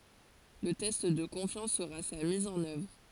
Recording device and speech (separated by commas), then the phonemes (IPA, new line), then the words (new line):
forehead accelerometer, read sentence
lə tɛst də kɔ̃fjɑ̃s səʁa sa miz ɑ̃n œvʁ
Le test de confiance sera sa mise en œuvre.